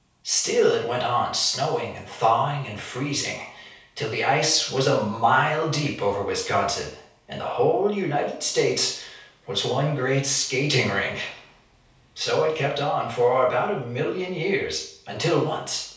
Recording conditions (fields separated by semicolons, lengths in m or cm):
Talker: one person; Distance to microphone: 3.0 m; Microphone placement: far; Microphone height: 1.8 m; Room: small (3.7 m by 2.7 m); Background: none